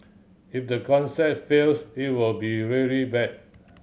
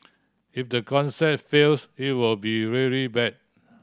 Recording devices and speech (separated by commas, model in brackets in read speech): mobile phone (Samsung C7100), standing microphone (AKG C214), read sentence